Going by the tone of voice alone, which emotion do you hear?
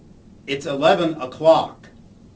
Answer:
angry